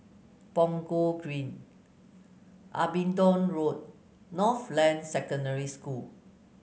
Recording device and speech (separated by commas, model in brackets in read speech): mobile phone (Samsung C9), read sentence